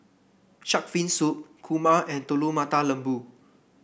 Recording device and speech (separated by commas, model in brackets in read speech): boundary microphone (BM630), read sentence